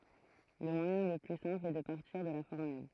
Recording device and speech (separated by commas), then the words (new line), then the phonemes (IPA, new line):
throat microphone, read sentence
Le moyen le plus simple est de partir de la formule.
lə mwajɛ̃ lə ply sɛ̃pl ɛ də paʁtiʁ də la fɔʁmyl